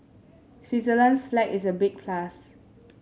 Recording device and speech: mobile phone (Samsung S8), read sentence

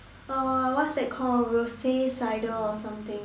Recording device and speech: standing microphone, conversation in separate rooms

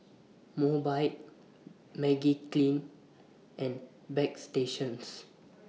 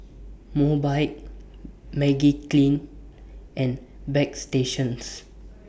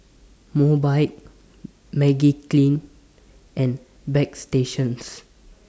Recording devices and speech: mobile phone (iPhone 6), boundary microphone (BM630), standing microphone (AKG C214), read sentence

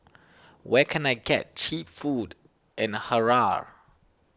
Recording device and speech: standing microphone (AKG C214), read sentence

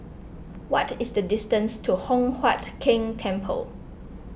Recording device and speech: boundary microphone (BM630), read sentence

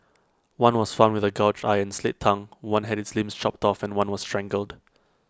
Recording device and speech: close-talking microphone (WH20), read sentence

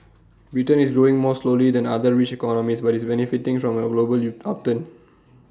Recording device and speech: standing microphone (AKG C214), read sentence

